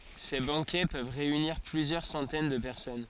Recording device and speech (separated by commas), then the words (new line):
forehead accelerometer, read sentence
Ces banquets peuvent réunir plusieurs centaines de personnes.